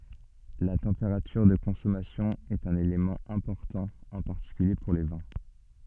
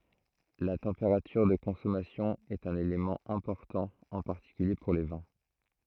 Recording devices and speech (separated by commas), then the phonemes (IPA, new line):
soft in-ear microphone, throat microphone, read sentence
la tɑ̃peʁatyʁ də kɔ̃sɔmasjɔ̃ ɛt œ̃n elemɑ̃ ɛ̃pɔʁtɑ̃ ɑ̃ paʁtikylje puʁ le vɛ̃